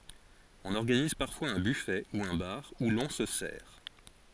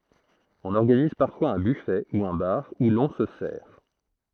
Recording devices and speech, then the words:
forehead accelerometer, throat microphone, read sentence
On organise parfois un buffet, ou un bar, où l'on se sert.

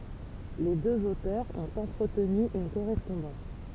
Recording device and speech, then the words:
temple vibration pickup, read sentence
Les deux auteurs ont entretenu une correspondance.

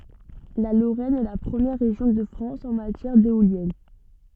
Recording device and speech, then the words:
soft in-ear microphone, read sentence
La Lorraine est la première région de France en matière d'éoliennes.

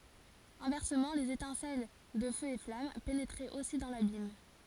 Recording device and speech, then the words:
forehead accelerometer, read sentence
Inversement les étincelles de feux et flammes pénétraient aussi dans l'abîme.

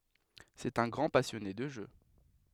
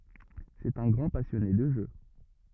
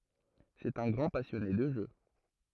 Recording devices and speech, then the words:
headset microphone, rigid in-ear microphone, throat microphone, read sentence
C'est un grand passionné de jeux.

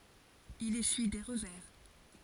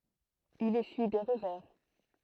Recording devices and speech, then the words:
forehead accelerometer, throat microphone, read sentence
Il essuie des revers.

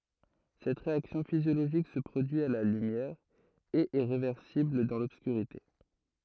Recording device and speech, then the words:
throat microphone, read sentence
Cette réaction physiologique se produit à la lumière, et est réversible dans l'obscurité.

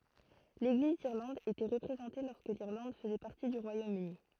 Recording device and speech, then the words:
throat microphone, read sentence
L'Église d'Irlande était représentée lorsque l'Irlande faisait partie du Royaume-Uni.

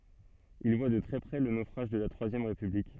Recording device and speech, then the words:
soft in-ear microphone, read sentence
Il voit de très près le naufrage de la Troisième République.

